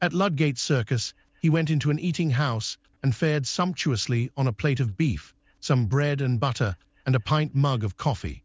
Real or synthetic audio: synthetic